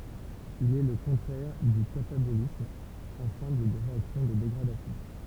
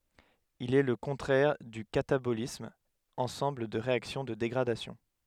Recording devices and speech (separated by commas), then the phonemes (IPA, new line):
temple vibration pickup, headset microphone, read sentence
il ɛ lə kɔ̃tʁɛʁ dy katabolism ɑ̃sɑ̃bl de ʁeaksjɔ̃ də deɡʁadasjɔ̃